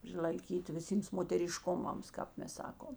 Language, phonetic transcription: Lithuanian, prilaiˈkyti viˈsyms moteriˈškumams kāp ˈmes ˈsakom

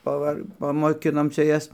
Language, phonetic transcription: Lithuanian, paˈvar pamoˈkinom ˈčia ˈjas

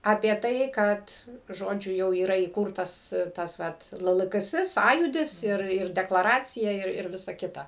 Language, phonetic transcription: Lithuanian, apie ˈtai ˈkad ˈžodžiu ˈjau yˈra įˈkūrtas ˈtas ˈvat ˈlɘ ˈlɘ ˈgɘ ˈsɘ ˈsąjūdis ˈir ir deklaˈracija ir ˈvisa ˈkita

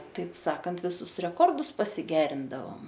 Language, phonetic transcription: Lithuanian, taip ˈsakant viˈsus reˈkordus pasiˈgerindavom

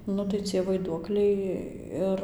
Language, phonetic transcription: Lithuanian, ˈnu tai cie vaiˈduokliai ˈir

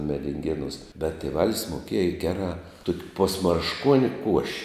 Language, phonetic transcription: Lithuanian, medinˈgėnūs bet tėˈvalis moˈkieja ˈgerā ˈtuok' posmaršˈkuoni kuoš'

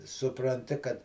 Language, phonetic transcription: Lithuanian, supranˈti kad

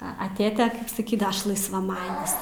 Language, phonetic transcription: Lithuanian, a a ˈtėte saˈkydava ˈaš laisvaˈmanis

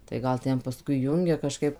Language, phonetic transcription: Lithuanian, tai ˈgal ˈten paˈskui ˈjungia kaˈžkaip

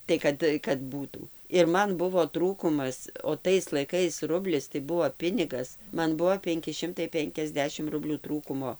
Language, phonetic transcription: Lithuanian, tai ˈkad kad ˈbūtų ir ˈman ˈbuvo ˈtrūkumas o ˈtais laiˈkais ˈrublis tai ˈbuo ˈpinigas ˈman ˈbuo ˈpenki ˈšimtai ˈpenkiasˌdešim ˈrublių ˈtrūkumo

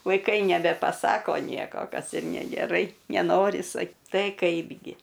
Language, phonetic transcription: Lithuanian, vaiˈkai nebepaˈsako ˈnieko ˈkas ir negeˈrai neˈnori sak ˈtai ˈkaipgi

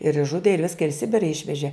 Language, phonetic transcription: Lithuanian, ir išˈžudė ir ˈviska ir i ˈsibira ˈišvežė

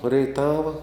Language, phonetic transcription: Lithuanian, reiˈtava

